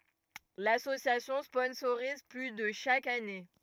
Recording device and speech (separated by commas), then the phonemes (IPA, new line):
rigid in-ear microphone, read sentence
lasosjasjɔ̃ spɔ̃soʁiz ply də ʃak ane